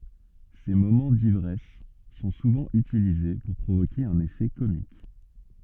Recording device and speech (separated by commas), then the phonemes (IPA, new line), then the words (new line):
soft in-ear microphone, read sentence
se momɑ̃ divʁɛs sɔ̃ suvɑ̃ ytilize puʁ pʁovoke œ̃n efɛ komik
Ses moments d'ivresse sont souvent utilisés pour provoquer un effet comique.